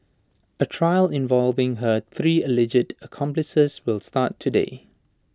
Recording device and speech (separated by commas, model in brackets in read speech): standing microphone (AKG C214), read sentence